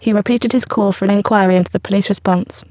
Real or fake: fake